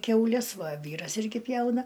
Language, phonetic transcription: Lithuanian, kiauˈles ˈva ˈvyras ˈirgi ˈpjauna

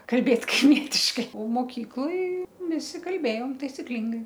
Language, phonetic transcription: Lithuanian, kalˈbėt kaiˈmietiškai o moˈkykloj ˈvisi kalˈbėjom taisiˈklingai

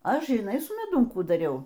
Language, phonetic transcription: Lithuanian, ˈaš žiˈnai su meˈdum ˈkų daˈriau

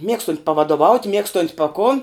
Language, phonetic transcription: Lithuanian, ˈmiegstunt' pavadoˈvaut' ˈmiegstont' pa kon

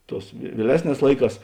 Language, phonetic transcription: Lithuanian, ˈtos vieˈlesˌnēs ˈlaiˌkās

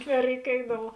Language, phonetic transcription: Lithuanian, nereiˈkėdavu

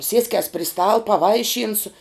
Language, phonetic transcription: Lithuanian, ˈsieskias pri stal paˈvaišynsu

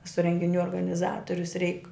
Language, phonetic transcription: Lithuanian, eˈsu rengiˈnių organiˈzatorius reik

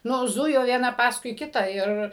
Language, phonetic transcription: Lithuanian, ˈnu ˈzujo vieˈna ˈpaskui ˈkitą ˈir

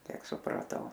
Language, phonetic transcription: Lithuanian, ˈkiek supraˈtau

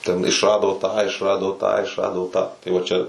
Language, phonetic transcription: Lithuanian, ten išˈrado tą išˈrado tą išˈrado tą tai ˈva ˈčia

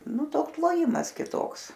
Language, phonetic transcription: Lithuanian, ˈnu ˈtoks loˈjimas kiˈtoks

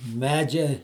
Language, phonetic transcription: Lithuanian, ˈmedžia

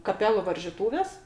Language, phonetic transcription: Lithuanian, kaˈpelu varžyˈtūvės

